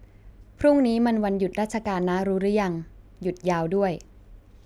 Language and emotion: Thai, neutral